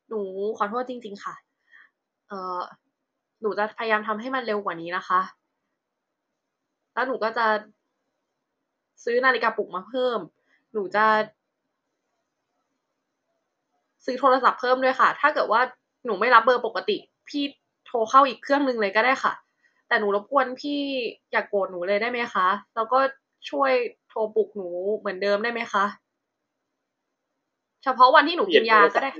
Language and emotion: Thai, sad